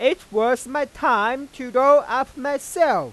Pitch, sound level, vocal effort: 280 Hz, 103 dB SPL, very loud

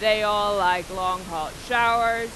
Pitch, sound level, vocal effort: 205 Hz, 99 dB SPL, very loud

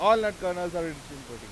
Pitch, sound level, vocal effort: 170 Hz, 100 dB SPL, very loud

